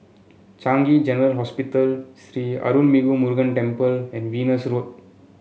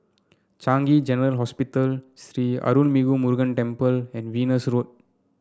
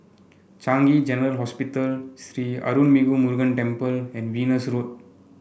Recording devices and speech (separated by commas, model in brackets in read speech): mobile phone (Samsung C7), standing microphone (AKG C214), boundary microphone (BM630), read sentence